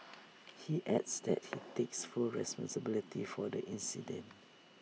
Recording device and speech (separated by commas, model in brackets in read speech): mobile phone (iPhone 6), read sentence